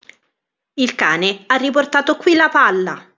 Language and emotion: Italian, neutral